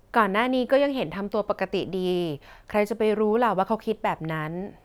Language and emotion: Thai, neutral